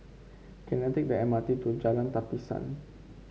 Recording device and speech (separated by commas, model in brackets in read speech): mobile phone (Samsung C5), read sentence